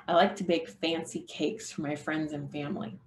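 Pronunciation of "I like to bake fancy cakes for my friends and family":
'Bake' gets little attention and is skipped over quickly, while the focus falls on 'fancy' and 'cakes'.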